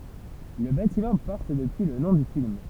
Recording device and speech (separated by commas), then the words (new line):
temple vibration pickup, read sentence
Le bâtiment porte depuis le nom du film.